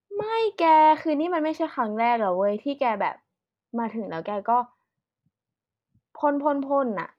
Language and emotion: Thai, frustrated